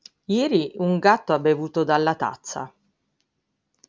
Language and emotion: Italian, neutral